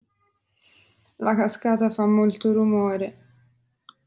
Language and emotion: Italian, sad